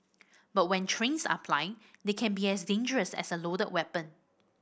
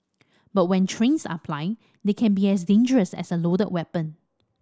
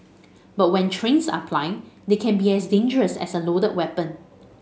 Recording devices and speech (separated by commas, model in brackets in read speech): boundary microphone (BM630), standing microphone (AKG C214), mobile phone (Samsung S8), read sentence